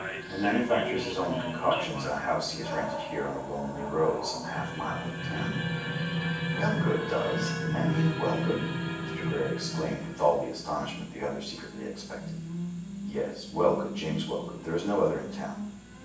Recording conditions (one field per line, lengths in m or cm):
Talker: one person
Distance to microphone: 9.8 m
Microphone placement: far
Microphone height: 1.8 m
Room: large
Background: television